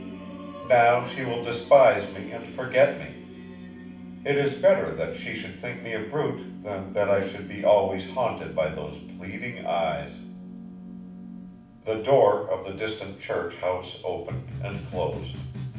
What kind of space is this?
A mid-sized room (about 5.7 m by 4.0 m).